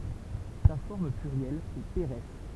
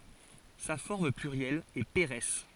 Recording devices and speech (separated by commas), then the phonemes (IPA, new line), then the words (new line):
temple vibration pickup, forehead accelerometer, read sentence
sa fɔʁm plyʁjɛl ɛ peʁɛs
Sa forme plurielle est pérès.